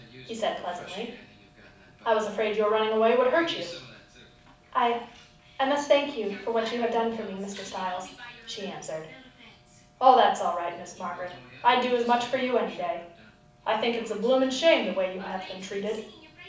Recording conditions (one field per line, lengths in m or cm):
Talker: one person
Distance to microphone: 5.8 m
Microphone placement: far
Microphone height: 1.8 m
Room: medium-sized (5.7 m by 4.0 m)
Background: television